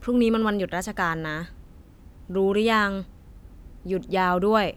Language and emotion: Thai, frustrated